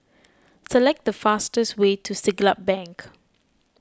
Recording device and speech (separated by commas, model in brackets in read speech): close-talking microphone (WH20), read sentence